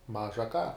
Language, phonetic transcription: Lithuanian, ˈmaža ką

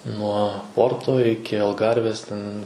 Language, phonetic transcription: Lithuanian, nuo ˈporto ˈiki alˈgarvės ˈten

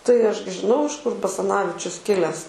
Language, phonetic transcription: Lithuanian, tai ˈaš gi žiˈnau iš kur basaˈnavičius ˈkilęs

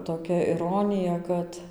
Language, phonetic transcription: Lithuanian, toˈkia iˈronija ˈkad

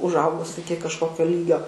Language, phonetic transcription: Lithuanian, užˈaugus ˈiki kažˈkokio ˈlygio

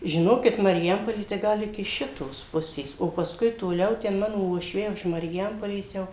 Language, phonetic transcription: Lithuanian, žiˈnokit mariˈjampolė tai ˈgal iki ˈšitos ˈpusės o pasˈkui toˈliau ˈten ˈmano uošˈviai už mariˈjampolės ˈjau

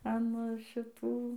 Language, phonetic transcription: Lithuanian, an šiˈtų

